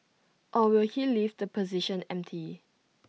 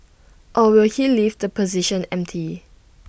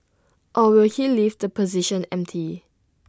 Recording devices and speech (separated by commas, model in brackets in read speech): mobile phone (iPhone 6), boundary microphone (BM630), standing microphone (AKG C214), read sentence